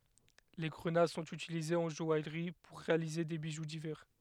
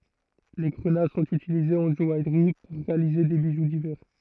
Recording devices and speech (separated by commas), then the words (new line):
headset microphone, throat microphone, read sentence
Les grenats sont utilisés en joaillerie pour réaliser des bijoux divers.